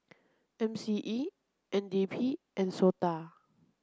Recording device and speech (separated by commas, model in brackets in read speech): close-talking microphone (WH30), read sentence